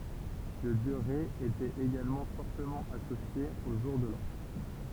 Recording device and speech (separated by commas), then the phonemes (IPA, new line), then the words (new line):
temple vibration pickup, read sentence
lə djø ʁɛ etɛt eɡalmɑ̃ fɔʁtəmɑ̃ asosje o ʒuʁ də lɑ̃
Le dieu Rê était également fortement associé au jour de l'an.